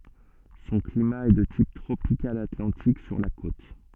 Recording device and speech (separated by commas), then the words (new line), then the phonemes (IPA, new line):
soft in-ear microphone, read sentence
Son climat est de type tropical atlantique sur la côte.
sɔ̃ klima ɛ də tip tʁopikal atlɑ̃tik syʁ la kot